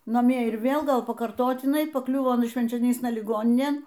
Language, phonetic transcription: Lithuanian, naˈmie ir ˈvėl ˈgal pakarˈtotinai paˈkliuvo aˈna švenčioˈnysna liˈgoninėn

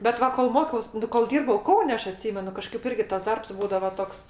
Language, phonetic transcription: Lithuanian, bet ˈva kol ˈmokiaus ˈnu kol ˈdyrbau ˈkaune ˈaš aˈtsymenu kaˈžkaip ˈirgi tas ˈdarbs ˈbūdava ˈtoks

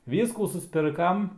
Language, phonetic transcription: Lithuanian, ˈvyskų susˈpirkam

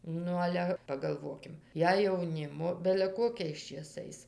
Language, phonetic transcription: Lithuanian, ˈnu ˈale pagalˈvokim ˈjei jauˈnimo bele ˈkokiais čėˈsais

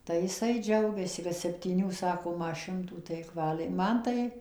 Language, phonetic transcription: Lithuanian, tai jiˈsai ˈdžiaugiasi kad septyˈnių ˈsako ˈma ˈšimtų tai ik ˈvaliai ˈman tai

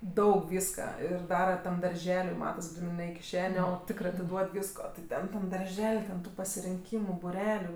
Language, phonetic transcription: Lithuanian, ˈdaug ˈvyska ˈir ˈdara tam darˈželiui ˈmatas ˈgrynɜ ne i kiˈšenė o ˈtikrai atiˈduod ˈvysko ti ˈten tam darˈžel' ten tu pasirinˈkymu buˈreliu

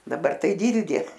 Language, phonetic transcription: Lithuanian, daˈbar tai ˈdyldė

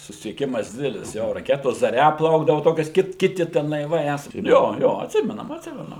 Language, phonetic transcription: Lithuanian, susisieˈkimas ˈdidelis jo raˈketos zaˈria ˈplaukdavo ˈtokias ˈkit ˈkiti ten laiˈvai ˈesą ˈjo ˈjo atˈsimenam atˈsimenu

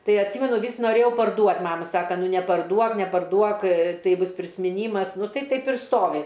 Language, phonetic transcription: Lithuanian, ˈtai atˈsymenu ˈvys noˈrėjau parˈduot' ˈmama ˈsaka ˈnu neparˈduok neparˈduok ˈtai ˈbus prismiˈnymas ˈnu ˈtai ˈtaip ir ˈstovi

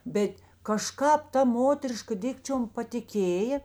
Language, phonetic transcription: Lithuanian, ˈbet kaˈžkāp ˈta ˈmoteriška ˈdikčiom patiˈkėjė

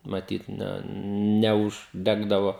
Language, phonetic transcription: Lithuanian, maˈtyt ˈne neužˈdegdavo

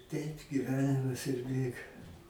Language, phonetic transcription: Lithuanian, ˈteip giˈvenimas ir ˈbėga

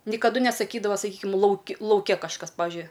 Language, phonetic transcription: Lithuanian, nikaˈdu nesaˈkydava saˈkykim ˈlauki lauˈke kažˈkas ˈpavižiui

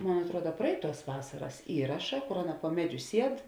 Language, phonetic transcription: Lithuanian, ˈmon atˈruoda ˈpraiˌtuos ˈvasaras ˈįraša ˈkor ˈaˌna po ˈmeˌdžiu ˈsied

